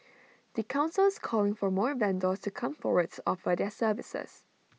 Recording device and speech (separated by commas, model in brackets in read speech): mobile phone (iPhone 6), read sentence